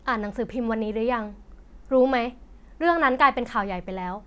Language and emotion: Thai, frustrated